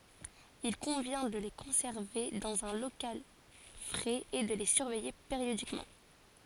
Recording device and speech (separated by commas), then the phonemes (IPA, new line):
forehead accelerometer, read sentence
il kɔ̃vjɛ̃ də le kɔ̃sɛʁve dɑ̃z œ̃ lokal fʁɛz e də le syʁvɛje peʁjodikmɑ̃